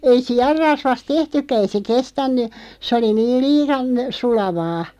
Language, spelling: Finnish, ei sianrasvasta tehtykään ei se kestänyt se oli niin liian sulavaa
- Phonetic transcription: 'ei "si₍arrasvast 'tehtykkä , ei se 'kestänny , sᵉ 'oli 'niiˡ "lii₍an , 'sulavaa .

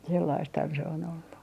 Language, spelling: Finnish, sellaistahan se on ollut
- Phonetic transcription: 'sellaisthan se on ‿ollu .

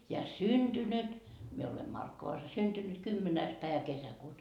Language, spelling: Finnish, ja syntynyt minä olen Markkovassa syntynyt kymmenes päivä kesäkuuta
- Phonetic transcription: ja "synDynyt , mie ole 'Markkovas "synDynyt 'kymmenääs päevä 'kesäkuuta .

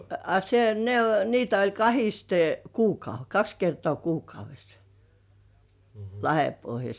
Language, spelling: Finnish, a se ne - niitä oli kahdesti - kaksi kertaa kuukaudessa Lahdenpohjassa
- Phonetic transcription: a se , ne ‿o- niitä oĺ "kahiste , 'kuukau- "kaks kertŏà 'kuukauvessᴀ , "Lahepohjas .

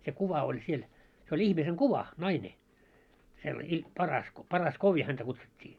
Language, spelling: Finnish, se kuva oli siellä se oli ihmisen kuva nainen - - Parasko Paraskoovi häntä kutsuttiin
- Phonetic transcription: se 'kuva oĺ siel , se oĺ "ihmiseŋ "kuva , 'naine , sella- i- , 'Parasko , Paras'koovi häntä 'kutsut́t́ii .

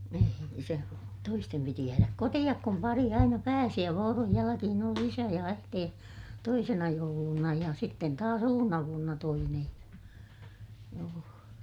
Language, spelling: Finnish, ei silloin toisten piti jäädä kotiin kun pari aina pääsi ja vuoron jälkeen oli isä ja äiti toisena jouluna ja sitten taas uutena vuotena toinen ja joo
- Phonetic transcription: ei (silloon) toistem piti jääräk kotiʲak kum pari aina pääsi ja vooroj jäläkihin ‿oli isä ja äitee , toisena jouluna ja sitten taas ‿uunna vuonna toinej ja , joo .

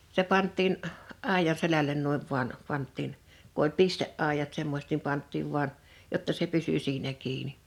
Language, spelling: Finnish, se pantiin aidan selälle noin vain pantiin kun oli pisteaidat semmoiset niin pantiin vain jotta se pysyi siinä kiinni
- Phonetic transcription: se 'pant̆tiin , 'àijaⁿ 'selälen 'nuiv vuan , 'pant̆tiin , ku ‿oĺ "piste’’àijat 'semmośᵉt nim 'pant̆tiiv 'vuan , 'jotta se 'pysy 'siinä 'kiini .

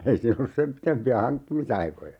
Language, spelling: Finnish, ei siinä ollut sen pitempiä hankkimisaikoja
- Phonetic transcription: 'ei siin ‿ollus 'sem pitempi₍ä "haŋkkimisaikoja .

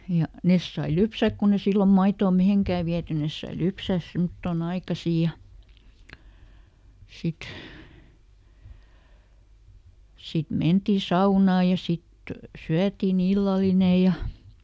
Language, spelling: Finnish, ja ne sai lypsää kun ei silloin maitoa mihinkään viety ne sai lypsää semmottoon aikaisin ja sitten sitten mentiin saunaan ja sitten syötiin illallinen ja
- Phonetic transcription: ja , ˈnes sai "lypsäk kun ‿e ˈsillom ˈmaitoo "miheŋkää viäty ˈnes sai "lypsä̀s ˈsemᵒttòˈn ‿aikasì ja , ˈsit , ˈsit ˈmentì "saunaa ja ˈsit , "syätiiˈn ‿illaline ja ,.

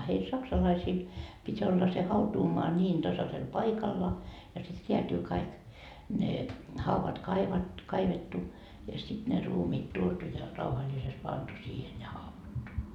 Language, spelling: Finnish, heillä saksalaisilla piti olla se hautuumaa niin tasaisella paikalla ja sitten räätyy kaikki ne haudat - kaivettu ja sitten ne ruumiit tuotu ja rauhallisesti pantu siihen ja haudattu
- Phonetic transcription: heil "saksalaisiil pit́ olla se 'hautuumoa 'ńiin 'tasasel "paikalla , ja sit reätyy kaik , ne , 'hauvat kaivat- , "kaivettu , ja sit ne 'ruumiit 'tuotu ja , 'rauhaĺisest 'pantu siihen ja "hauvattu .

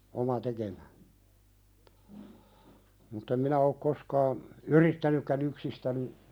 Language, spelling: Finnish, oma tekemä mutta en minä ole koskaan yrittänytkään yksistäni
- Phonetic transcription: oma "tekemä , mutt ‿em minä ok 'koskaan , "yrittänykkän ‿yksistäni ,.

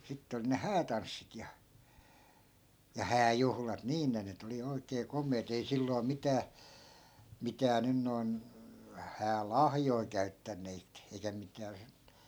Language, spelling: Finnish, sitten oli ne häätanssit ja ja hääjuhlat niin ne nyt oli oikein komeat ei silloin mitään mitään nyt noin häälahjoja käyttäneet eikä mitään -
- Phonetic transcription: 'sitte olⁱ ne "häätanssit ja , ja "hääjuhlat 'niin ne 'nyt ‿oli 'oi̮kee 'kom̀eet ei 'silloi̮ 'mitää , 'mitää nyn noi̮n , 'hää"lahjoi̮ 'käyttänneet , eikä 'mitää (si-) ,.

